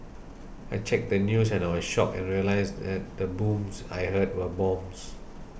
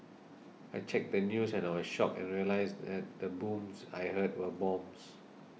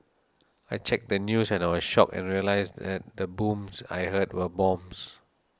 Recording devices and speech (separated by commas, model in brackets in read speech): boundary microphone (BM630), mobile phone (iPhone 6), standing microphone (AKG C214), read sentence